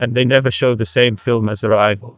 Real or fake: fake